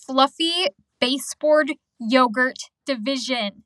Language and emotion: English, angry